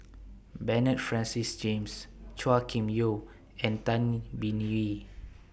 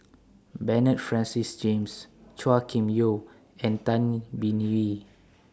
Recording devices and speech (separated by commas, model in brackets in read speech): boundary microphone (BM630), standing microphone (AKG C214), read sentence